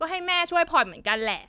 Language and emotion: Thai, frustrated